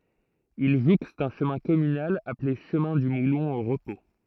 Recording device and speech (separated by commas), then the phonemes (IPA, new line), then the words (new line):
throat microphone, read sentence
il ʒukst œ̃ ʃəmɛ̃ kɔmynal aple ʃəmɛ̃ dy mulɔ̃ o ʁəpo
Il jouxte un chemin communal appelé chemin du Moulon au repos.